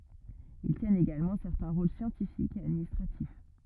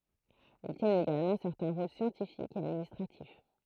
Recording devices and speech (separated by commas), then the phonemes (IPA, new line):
rigid in-ear microphone, throat microphone, read sentence
il tjɛnt eɡalmɑ̃ sɛʁtɛ̃ ʁol sjɑ̃tifikz e administʁatif